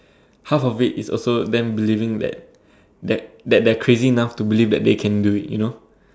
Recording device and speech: standing microphone, conversation in separate rooms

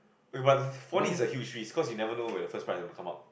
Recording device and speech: boundary microphone, conversation in the same room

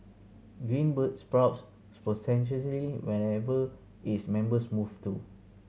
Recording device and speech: mobile phone (Samsung C7100), read sentence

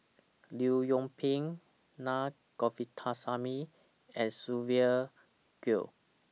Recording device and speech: mobile phone (iPhone 6), read sentence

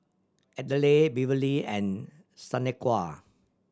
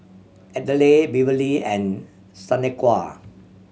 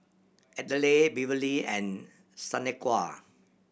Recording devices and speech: standing microphone (AKG C214), mobile phone (Samsung C7100), boundary microphone (BM630), read sentence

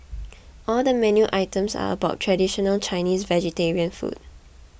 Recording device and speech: boundary microphone (BM630), read sentence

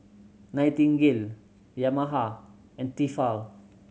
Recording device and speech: mobile phone (Samsung C7100), read sentence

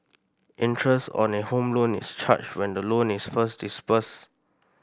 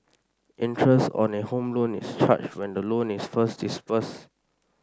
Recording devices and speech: boundary microphone (BM630), standing microphone (AKG C214), read sentence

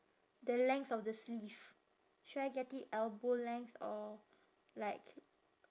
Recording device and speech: standing microphone, conversation in separate rooms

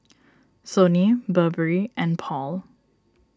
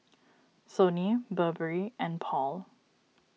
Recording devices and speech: standing microphone (AKG C214), mobile phone (iPhone 6), read sentence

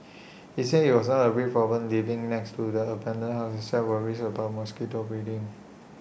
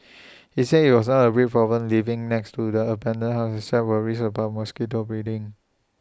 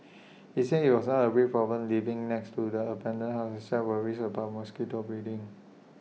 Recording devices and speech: boundary microphone (BM630), standing microphone (AKG C214), mobile phone (iPhone 6), read sentence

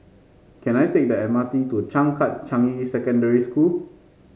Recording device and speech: mobile phone (Samsung C5), read sentence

